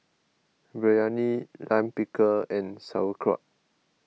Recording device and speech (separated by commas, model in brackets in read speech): mobile phone (iPhone 6), read sentence